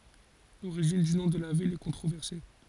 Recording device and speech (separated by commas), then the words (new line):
forehead accelerometer, read sentence
L'origine du nom de la ville est controversée.